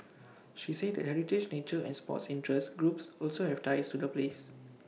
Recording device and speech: mobile phone (iPhone 6), read sentence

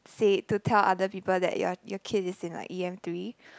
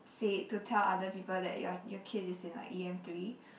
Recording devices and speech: close-talking microphone, boundary microphone, conversation in the same room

